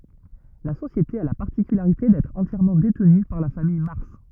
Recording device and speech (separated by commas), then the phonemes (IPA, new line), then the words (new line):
rigid in-ear microphone, read sentence
la sosjete a la paʁtikylaʁite dɛtʁ ɑ̃tjɛʁmɑ̃ detny paʁ la famij maʁs
La société a la particularité d'être entièrement détenue par la famille Mars.